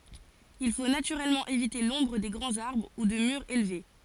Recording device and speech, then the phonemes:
forehead accelerometer, read sentence
il fo natyʁɛlmɑ̃ evite lɔ̃bʁ de ɡʁɑ̃z aʁbʁ u də myʁz elve

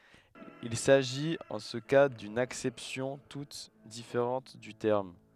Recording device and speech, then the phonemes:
headset microphone, read sentence
il saʒit ɑ̃ sə ka dyn aksɛpsjɔ̃ tut difeʁɑ̃t dy tɛʁm

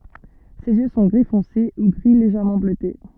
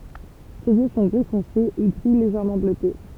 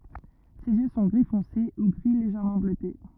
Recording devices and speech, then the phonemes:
soft in-ear microphone, temple vibration pickup, rigid in-ear microphone, read sentence
sez jø sɔ̃ ɡʁi fɔ̃se u ɡʁi leʒɛʁmɑ̃ bløte

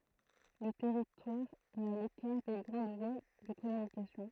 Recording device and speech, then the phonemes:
throat microphone, read sentence
lə tɛʁitwaʁ ɛt a lekaʁ de ɡʁɑ̃d vwa də kɔmynikasjɔ̃

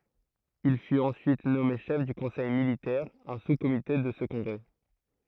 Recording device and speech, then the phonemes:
throat microphone, read sentence
il fyt ɑ̃syit nɔme ʃɛf dy kɔ̃sɛj militɛʁ œ̃ suskomite də sə kɔ̃ɡʁɛ

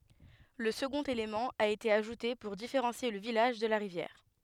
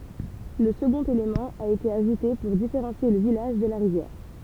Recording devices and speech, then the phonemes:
headset microphone, temple vibration pickup, read sentence
lə səɡɔ̃t elemɑ̃ a ete aʒute puʁ difeʁɑ̃sje lə vilaʒ də la ʁivjɛʁ

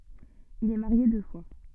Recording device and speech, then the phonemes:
soft in-ear microphone, read sentence
il ɛ maʁje dø fwa

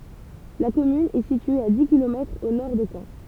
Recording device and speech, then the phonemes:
temple vibration pickup, read sentence
la kɔmyn ɛ sitye a di kilomɛtʁz o nɔʁ də kɑ̃

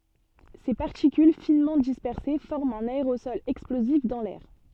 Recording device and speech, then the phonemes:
soft in-ear microphone, read sentence
se paʁtikyl finmɑ̃ dispɛʁse fɔʁmt œ̃n aeʁosɔl ɛksplozif dɑ̃ lɛʁ

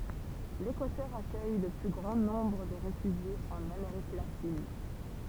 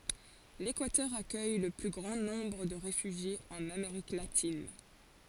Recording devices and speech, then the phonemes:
temple vibration pickup, forehead accelerometer, read sentence
lekwatœʁ akœj lə ply ɡʁɑ̃ nɔ̃bʁ də ʁefyʒjez ɑ̃n ameʁik latin

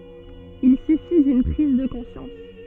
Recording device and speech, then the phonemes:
soft in-ear microphone, read sentence
il syfi dyn pʁiz də kɔ̃sjɑ̃s

